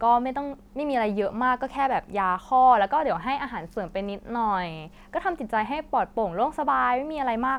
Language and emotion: Thai, neutral